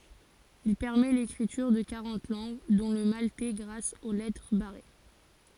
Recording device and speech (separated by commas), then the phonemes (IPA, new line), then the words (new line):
forehead accelerometer, read sentence
il pɛʁmɛ lekʁityʁ də kaʁɑ̃t lɑ̃ɡ dɔ̃ lə maltɛ ɡʁas o lɛtʁ baʁe
Il permet l’écriture de quarante langues, dont le maltais grâce aux lettres barrées.